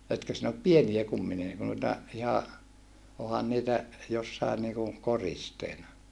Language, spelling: Finnish, etkö sinä ole pieniä kumminkin - noita ihan onhan niitä jossakin niin kuin koristeena
- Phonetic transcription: etkö sin ‿op pieniä kummini n- , nuita , iha , ohan niitä , jossain niiku , koristeena .

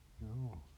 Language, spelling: Finnish, juu
- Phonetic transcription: jû .

